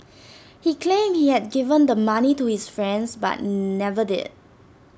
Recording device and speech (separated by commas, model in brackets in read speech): standing microphone (AKG C214), read sentence